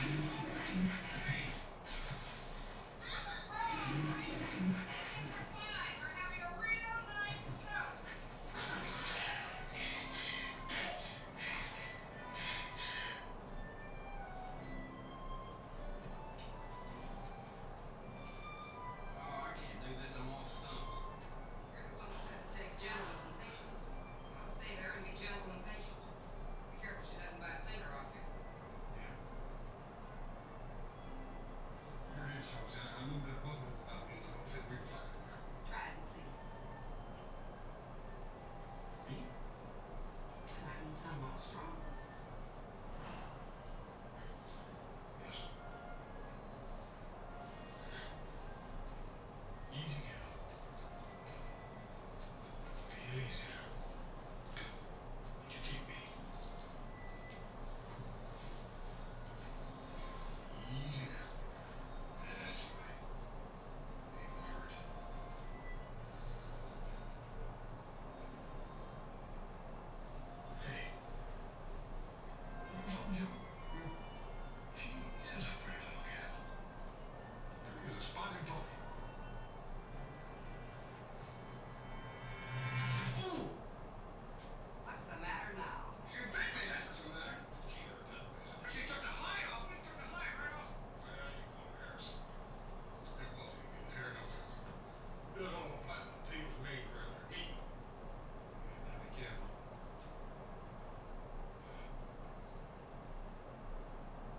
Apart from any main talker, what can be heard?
A television.